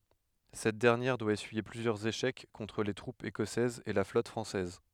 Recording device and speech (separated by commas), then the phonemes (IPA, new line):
headset microphone, read sentence
sɛt dɛʁnjɛʁ dwa esyije plyzjœʁz eʃɛk kɔ̃tʁ le tʁupz ekɔsɛzz e la flɔt fʁɑ̃sɛz